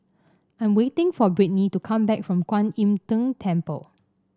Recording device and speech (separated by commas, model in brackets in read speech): standing microphone (AKG C214), read sentence